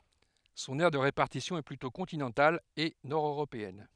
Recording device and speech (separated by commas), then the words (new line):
headset microphone, read sentence
Son aire de répartition est plutôt continentale et nord-européenne.